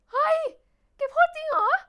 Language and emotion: Thai, happy